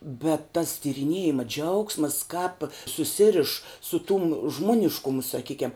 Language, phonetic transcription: Lithuanian, bet tas tyriˈniejima ˈdžiaugsmas kāp suˈsiriš su tum ˈžmoniškumu saˈkykiam

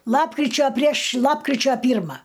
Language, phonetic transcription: Lithuanian, ˈlapkričio prieš ˈlapkričio ˈpyrma

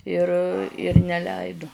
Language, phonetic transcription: Lithuanian, ir ir neˈleidu

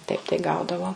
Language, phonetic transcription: Lithuanian, taip tai ˈgaudavo

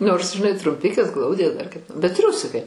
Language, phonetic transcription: Lithuanian, nors žiˈnai trumˈpikės ˈglaudė dar kaip bet ˈtriusikai

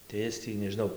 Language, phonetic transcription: Lithuanian, tai ˈis tį nežiˈnau

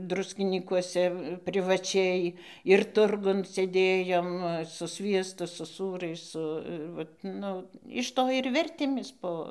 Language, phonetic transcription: Lithuanian, ˈdruskinykuose privaˈčiai ir ˈturgun sėˈdėjom su ˈsviestu su ˈsūrais ˈsu ir ˈvat ˈnu iš ˈto ir ˈvertėmės ˈpo

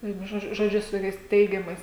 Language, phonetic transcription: Lithuanian, ˈvienu ˈžodžiu žoˈdžiu su ˈtokiais ˈteigiamais

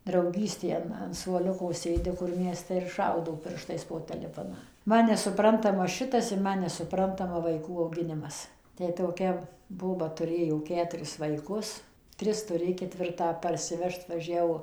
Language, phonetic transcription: Lithuanian, drauˈgystė ˈan an suoˈliuko ˈsėdi kur mieˈste ir ˈšaudo ˈpirštais po teˈlefoną ˈman nesuˈprantama ˈšitas ir ˈman nesuˈprantama vaiˈkų auˈginimas ˈtę toˈkia ˈboba tuˈrėjo ˈketuris vaiˈkus ˈtris tuˈrė ketˈvirtą parsiˈvežt vaˈžiavo

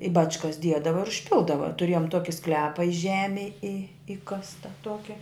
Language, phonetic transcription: Lithuanian, i ˈbačkas ˈdiedava ir užˈpildava tuˈrėjom ˈtoki ˈsklepa i ˈžemėj i ˈikasta ˈtuoki

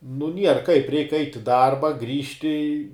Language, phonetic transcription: Lithuanian, nu ˈnier kaip ˈreik ˈait' i ˈdarba ˈgrįžti

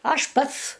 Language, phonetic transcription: Lithuanian, ˈaš ˈpats

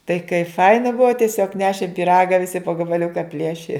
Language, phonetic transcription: Lithuanian, tai kai ˈfaina ˈbuvo tieˈsiog ˈnešėm pyˈraga viˈsi po gabaˈliuka ˈplieši

